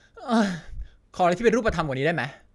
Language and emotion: Thai, frustrated